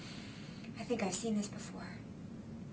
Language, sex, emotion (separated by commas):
English, female, fearful